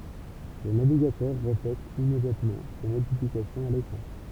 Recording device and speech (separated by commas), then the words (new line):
temple vibration pickup, read sentence
Le navigateur reflète immédiatement ces modifications à l'écran.